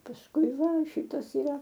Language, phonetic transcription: Lithuanian, pasˈkui ˈva ˈšytas iˈra

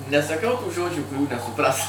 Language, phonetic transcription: Lithuanian, nesaˈkau tų ˈžodžių kuˈrių nesuˈpras

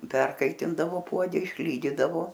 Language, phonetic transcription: Lithuanian, ˈperkaitindavo ˈpuode išˈlydydavo

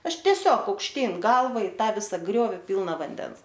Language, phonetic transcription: Lithuanian, ˈaš tieˈsiog aukšˈtyn ˈgalva i ˈtą ˈvisa ˈgriovi ˈpylna vanˈden

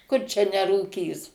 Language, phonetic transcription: Lithuanian, kur čia nerūˈkys

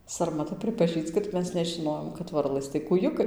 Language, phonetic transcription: Lithuanian, sarmaˈta pripaˈžįč kad ˈmes nežiˈnojom kad ˈvarlɘs tai kūˈjukai

